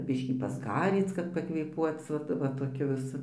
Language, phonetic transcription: Lithuanian, ˈbiškį pasˈgaryc kad pakvėˈpuoc ˈvat va toˈkiu viˈsu

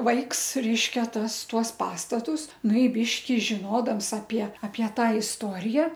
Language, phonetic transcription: Lithuanian, ˈvaiks ˈreiškia ˈtas ˈtuos ˈpastatus ˈnu i ˈbyški žiˈnodams apie apie ˈtą isˈtorija

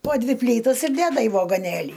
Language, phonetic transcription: Lithuanian, po ˈdvi ˈplytas ir ˈdeda į vagoˈnėlį

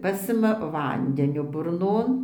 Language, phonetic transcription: Lithuanian, ˈpasima ˈvandenio burˈnon

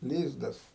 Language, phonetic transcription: Lithuanian, ˈlyzdas

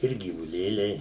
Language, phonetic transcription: Lithuanian, ˈir gyvuˈlėliai

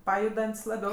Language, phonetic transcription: Lithuanian, ˈpajudant's' laˈbiau

